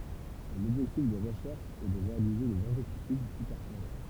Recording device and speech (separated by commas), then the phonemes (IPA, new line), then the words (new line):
temple vibration pickup, read sentence
lɔbʒɛktif de ʁəʃɛʁʃz ɛ də ʁealize dez ɛ̃sɛktisid ply pɛʁfɔʁmɑ̃
L'objectif des recherches est de réaliser des insecticides plus performants.